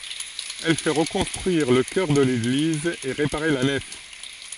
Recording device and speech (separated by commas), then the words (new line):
forehead accelerometer, read sentence
Elle fait reconstruire le chœur de l'église et réparer la nef.